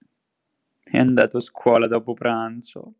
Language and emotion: Italian, sad